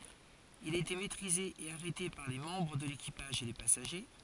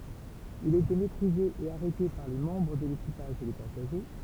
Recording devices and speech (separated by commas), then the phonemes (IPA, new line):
forehead accelerometer, temple vibration pickup, read sentence
il a ete mɛtʁize e aʁɛte paʁ le mɑ̃bʁ də lekipaʒ e le pasaʒe